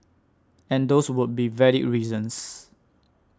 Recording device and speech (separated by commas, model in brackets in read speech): standing microphone (AKG C214), read sentence